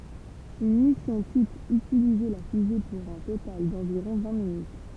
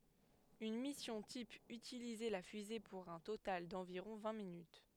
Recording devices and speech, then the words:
temple vibration pickup, headset microphone, read sentence
Une mission type utilisait la fusée pour un total d’environ vingt minutes.

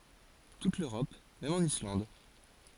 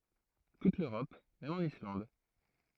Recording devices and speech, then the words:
forehead accelerometer, throat microphone, read sentence
Toute l'Europe, même en Islande.

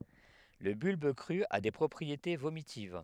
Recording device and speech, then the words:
headset microphone, read sentence
Le bulbe cru a des propriétés vomitives.

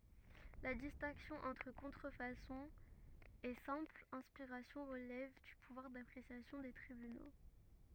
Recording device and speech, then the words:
rigid in-ear microphone, read sentence
La distinction entre contrefaçon et simple inspiration relève du pouvoir d'appréciation des tribunaux.

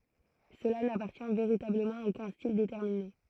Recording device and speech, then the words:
throat microphone, read sentence
Cela n'appartient véritablement à aucun style déterminé.

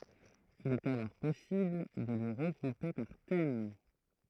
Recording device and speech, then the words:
throat microphone, read sentence
Il est alors possible de les regrouper par thème.

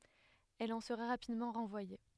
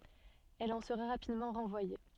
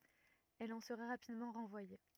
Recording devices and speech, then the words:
headset microphone, soft in-ear microphone, rigid in-ear microphone, read sentence
Elle en sera rapidement renvoyée.

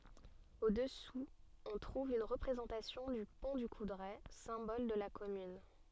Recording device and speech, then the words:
soft in-ear microphone, read sentence
Au-dessous, on trouve une représentation du Pont du Coudray, symbole de la commune.

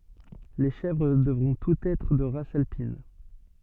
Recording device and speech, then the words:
soft in-ear microphone, read sentence
Les chèvres devront toutes être de race alpine.

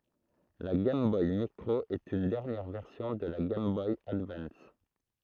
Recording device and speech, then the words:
throat microphone, read sentence
La Game Boy Micro est une dernière version de la Game Boy Advance.

